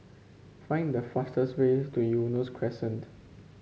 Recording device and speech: mobile phone (Samsung C5), read sentence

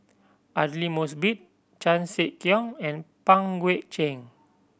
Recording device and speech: boundary microphone (BM630), read sentence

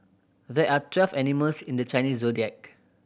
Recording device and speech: boundary microphone (BM630), read sentence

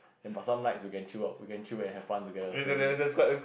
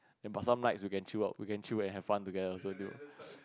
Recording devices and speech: boundary microphone, close-talking microphone, conversation in the same room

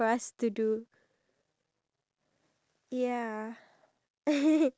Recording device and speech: standing microphone, conversation in separate rooms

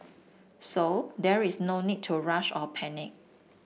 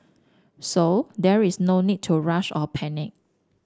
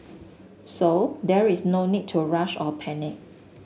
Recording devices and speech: boundary microphone (BM630), standing microphone (AKG C214), mobile phone (Samsung S8), read sentence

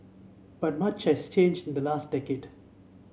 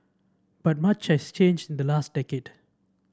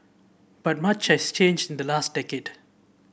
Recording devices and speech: mobile phone (Samsung C7), standing microphone (AKG C214), boundary microphone (BM630), read sentence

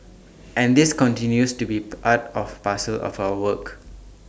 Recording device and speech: standing microphone (AKG C214), read sentence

